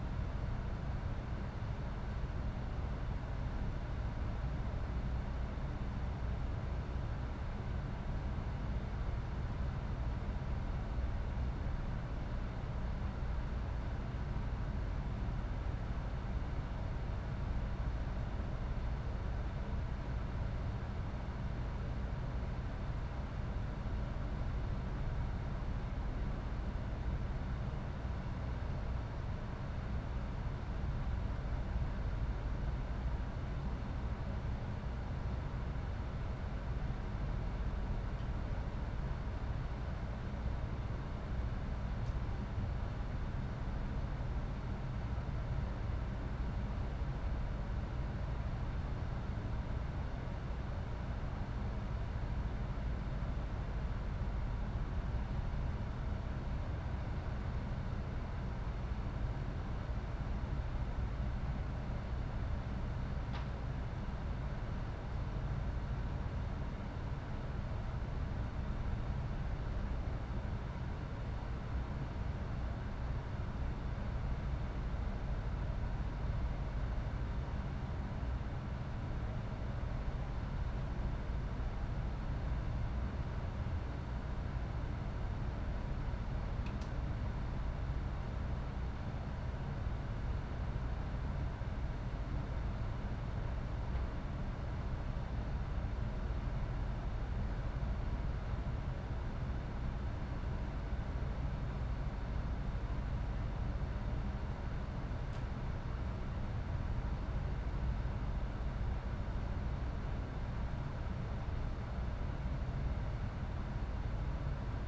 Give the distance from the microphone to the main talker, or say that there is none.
No talker.